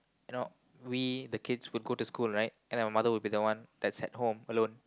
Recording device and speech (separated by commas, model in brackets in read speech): close-talking microphone, conversation in the same room